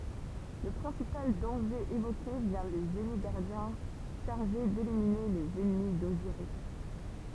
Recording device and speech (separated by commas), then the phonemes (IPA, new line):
temple vibration pickup, read sentence
lə pʁɛ̃sipal dɑ̃ʒe evoke vjɛ̃ de ʒeni ɡaʁdjɛ̃ ʃaʁʒe delimine lez ɛnmi doziʁis